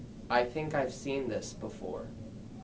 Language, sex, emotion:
English, male, neutral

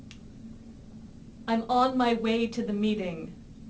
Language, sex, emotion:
English, female, angry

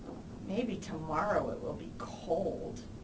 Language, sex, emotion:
English, female, disgusted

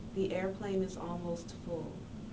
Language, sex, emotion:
English, female, neutral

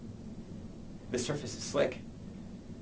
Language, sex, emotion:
English, male, neutral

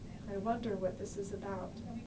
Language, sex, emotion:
English, female, neutral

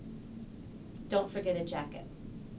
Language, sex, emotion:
English, female, neutral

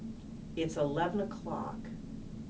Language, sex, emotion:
English, female, neutral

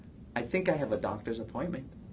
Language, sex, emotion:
English, male, neutral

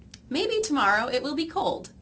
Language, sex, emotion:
English, female, neutral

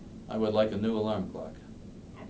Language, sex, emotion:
English, male, neutral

